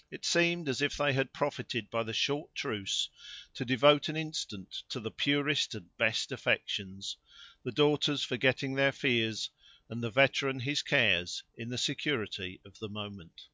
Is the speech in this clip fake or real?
real